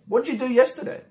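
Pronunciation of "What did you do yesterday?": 'What did you' runs together into 'wodja', and the question is said smoothly and quickly.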